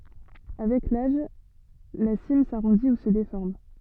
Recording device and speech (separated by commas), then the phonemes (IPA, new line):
soft in-ear microphone, read sentence
avɛk laʒ la sim saʁɔ̃di u sə defɔʁm